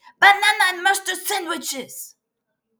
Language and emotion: English, angry